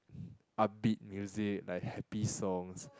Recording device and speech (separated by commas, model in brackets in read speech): close-talking microphone, conversation in the same room